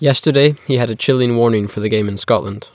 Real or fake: real